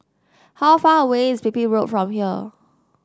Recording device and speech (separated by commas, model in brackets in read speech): standing microphone (AKG C214), read sentence